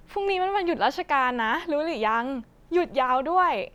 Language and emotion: Thai, happy